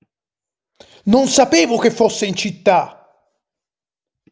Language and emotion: Italian, angry